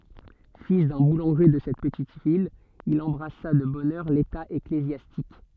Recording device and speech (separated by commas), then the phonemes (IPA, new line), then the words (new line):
soft in-ear microphone, read sentence
fil dœ̃ bulɑ̃ʒe də sɛt pətit vil il ɑ̃bʁasa də bɔn œʁ leta eklezjastik
Fils d'un boulanger de cette petite ville, il embrassa de bonne heure l'état ecclésiastique.